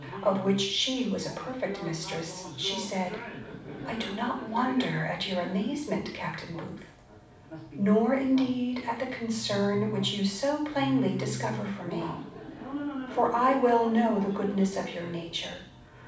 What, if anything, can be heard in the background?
A television.